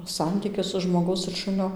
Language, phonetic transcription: Lithuanian, ˈsantykis su žmoˈgaus ir ˈšunio

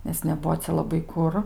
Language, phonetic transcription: Lithuanian, nes neˈbuo ˈcia laˈbai ˈkur

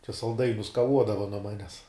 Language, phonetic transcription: Lithuanian, čia salˈdainius kaˈvuodava nuo ˈmanes

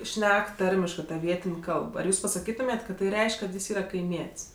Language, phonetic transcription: Lithuanian, ˈšnek ˈtarmiškɜ ta ˈvietin' ˈkalb ar ˈjūs pasaˈkytumėt' kad tai ˈreišk' kad ˈjis ˈyra kaiˈmiet's'

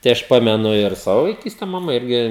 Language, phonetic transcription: Lithuanian, tai ˈaš ˈpamenu ir ˈsavo vaiˈkyste maˈma ˈirgi

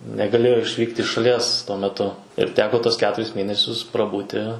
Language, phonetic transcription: Lithuanian, negaˈlėjo išˈvykt' iš šaˈlies tuo meˈtu ir ˈteko ˈtuos ˈketuris ˈmėnesius praˈbūti

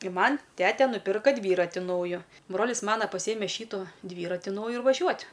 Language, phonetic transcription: Lithuanian, i ˈman' ˈtete nuˈpirko ˈdvyrati ˈnaujo ˈbrolis ˈmana paˈsyjeme ˈšytu ˈdvyrati ˈnauju ir vaˈžiuot'

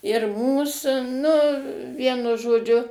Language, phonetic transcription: Lithuanian, ir ˈmūs ˈnu ˈvienu žoˈdžiu

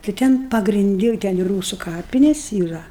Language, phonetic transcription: Lithuanian, tai ˈten pagrinˈdi ˈten i ˈrūsu ˈkapinės yˈra

